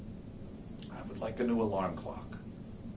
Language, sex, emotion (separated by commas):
English, male, neutral